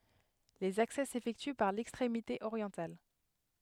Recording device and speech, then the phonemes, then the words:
headset microphone, read sentence
lez aksɛ sefɛkty paʁ lɛkstʁemite oʁjɑ̃tal
Les accès s'effectuent par l'extrémité orientale.

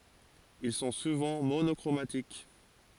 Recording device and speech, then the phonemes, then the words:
forehead accelerometer, read sentence
il sɔ̃ suvɑ̃ monɔkʁomatik
Ils sont souvent monochromatiques.

